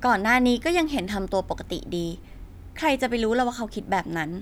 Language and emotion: Thai, frustrated